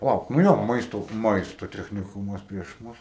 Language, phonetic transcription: Lithuanian, paˈlauk nu ˈjo ˈmaisto ˈmaisto techniˈkumas prieš ˈmus

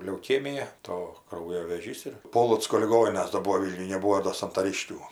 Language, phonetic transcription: Lithuanian, leuˈkėmija ˈto ˈkraujo vėˈžys ir ˈpolocko liˈgoninas do ˈbuo ˈvylniuj neˈbūo do santaˈriškių

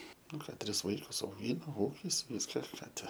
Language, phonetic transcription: Lithuanian, ˈnu ˈką ˈtris ˈvaikus auˈgyna ˈūkis ˈviska ˈką ˈte

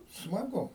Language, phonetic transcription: Lithuanian, smaˈgu

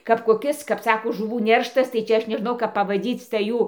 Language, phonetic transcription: Lithuanian, kap koˈkis kap ˈsako žuˈvų ˈnerštas tai ˈčia ˈaš neˈžnau kap pavaˈdyc tai ˈjų

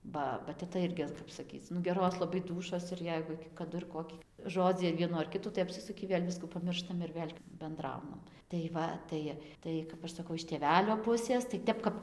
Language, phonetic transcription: Lithuanian, ˈba ba teˈta ˈirgi ˈkap saˈkyc nu ˈgeros laˈbai ˈdūšos ir ˈjeigu kaˈdu ir ˈkoki ˈžodzį ar ˈvienų ar ˈkitų tai apsiˈsuki ˈvėl' ˈviskų paˈmirštam ir ˈvėl' benˈdraunam tai ˈva ˈtai ˈtai kap ˈaš saˈkau iš tėˈvelio ˈpusės tai ˈtep kap

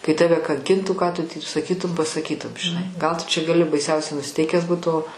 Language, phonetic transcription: Lithuanian, kai ˈtave kanˈkintų ką tu typ saˈkytum pasaˈkytum žiˈnai gal tu čia gaˈli baiˈsiausiau nusiˈteikęs ˈbūt o

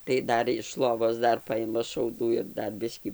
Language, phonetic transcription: Lithuanian, tai ˈdar iš ˈlovos ˈdar ˈpaima šauˈdų ir ˈdar ˈbiskį

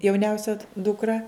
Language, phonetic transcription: Lithuanian, jauˈniausia dukˈra

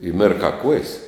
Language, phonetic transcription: Lithuanian, i ˈmirkā kuojs

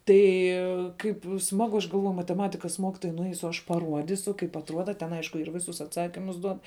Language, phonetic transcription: Lithuanian, ˈtai ˈkaip ˈsmagu aš galˈvoju mateˈmatikas ˈmokitojai nuˈeisu aš paˈruodysu kaip atˈruoda ten ˈaišku ir ˈvisus atˈsakimus ˈduod

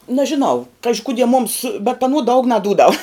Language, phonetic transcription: Lithuanian, nažiˈnau ˈkaži ˈkudie mums bet aˈnuo daug naˈdūdav

